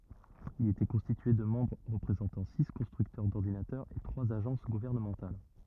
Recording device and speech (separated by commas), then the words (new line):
rigid in-ear microphone, read sentence
Il était constitué de membres représentant six constructeurs d'ordinateurs et trois agences gouvernementales.